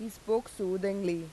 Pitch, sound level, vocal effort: 195 Hz, 87 dB SPL, loud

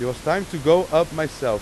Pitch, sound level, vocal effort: 155 Hz, 96 dB SPL, loud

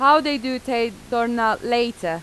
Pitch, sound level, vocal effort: 235 Hz, 91 dB SPL, loud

